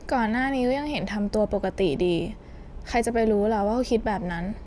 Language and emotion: Thai, frustrated